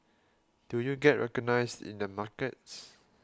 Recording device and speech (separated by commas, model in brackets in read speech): close-talking microphone (WH20), read sentence